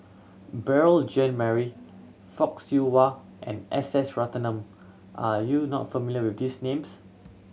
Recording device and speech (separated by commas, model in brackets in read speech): mobile phone (Samsung C7100), read sentence